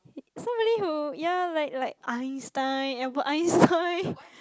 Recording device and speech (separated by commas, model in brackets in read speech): close-talking microphone, conversation in the same room